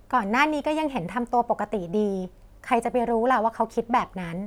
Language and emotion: Thai, neutral